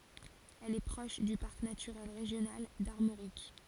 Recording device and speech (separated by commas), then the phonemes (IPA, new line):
forehead accelerometer, read sentence
ɛl ɛ pʁɔʃ dy paʁk natyʁɛl ʁeʒjonal daʁmoʁik